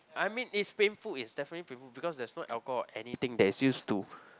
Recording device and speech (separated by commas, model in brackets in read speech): close-talking microphone, conversation in the same room